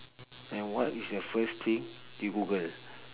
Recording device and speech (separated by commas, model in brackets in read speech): telephone, conversation in separate rooms